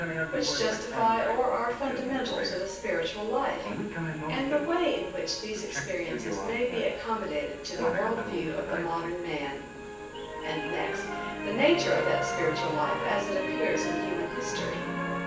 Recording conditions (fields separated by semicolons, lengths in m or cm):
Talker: one person; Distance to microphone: 9.8 m; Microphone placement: far; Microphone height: 1.8 m; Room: large; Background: television